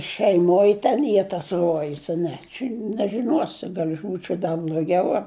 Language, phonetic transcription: Lithuanian, šeiˈmoj ten ˈy tas ˈruojus a ˈne čia nežiˈnuosi ˈgal' aš ˈbūčiau da bl'oˈgiau a

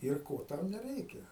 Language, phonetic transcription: Lithuanian, ir ˈko ˈtau neˈreikia

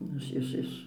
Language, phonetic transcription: Lithuanian, ˈnu iš iš ˈiš

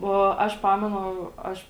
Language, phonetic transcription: Lithuanian, o ˈaš ˈpamenu ˈaš

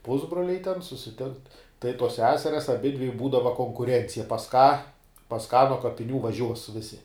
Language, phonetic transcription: Lithuanian, ˈpusbroliai ten susiˈtinkt tai tuos ˈseserias aˈbidvi ˈbūdava konkuˈrencija pas ką pas ką nuo kapiˈnių vaˈžiuos ˈvisi

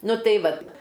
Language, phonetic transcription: Lithuanian, ˈnu ˈtai ˈvat

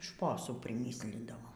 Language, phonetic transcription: Lithuanian, ˈšposų priˈmyslindavom

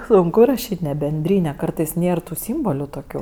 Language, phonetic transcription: Lithuanian, sunˈku raˈšyt' ne benˈdryne ˈkartais ˈnėr tų ˈsymboliu toˈkių

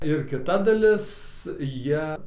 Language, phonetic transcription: Lithuanian, ir kiˈta daˈlis ˈjie

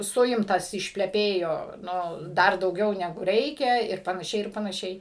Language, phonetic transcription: Lithuanian, ˈsuimtas išpleˈpėjo ˈnu ˈdar dauˈgiau neˈgu ˈreikia ir panaˈšiai ir panaˈšiai

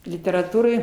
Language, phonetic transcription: Lithuanian, literaˈtūrai

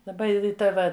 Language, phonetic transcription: Lithuanian, daˈba ˈi ˈta va

